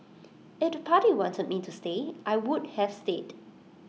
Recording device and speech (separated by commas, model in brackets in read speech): mobile phone (iPhone 6), read sentence